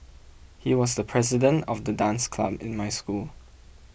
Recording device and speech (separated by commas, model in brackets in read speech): boundary microphone (BM630), read sentence